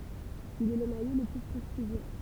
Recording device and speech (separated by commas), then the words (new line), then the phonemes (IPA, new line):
temple vibration pickup, read sentence
Il est le maillot le plus prestigieux.
il ɛ lə majo lə ply pʁɛstiʒjø